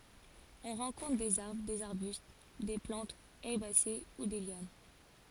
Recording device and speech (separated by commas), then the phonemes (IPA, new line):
forehead accelerometer, read sentence
ɔ̃ ʁɑ̃kɔ̃tʁ dez aʁbʁ dez aʁbyst de plɑ̃tz ɛʁbase u de ljan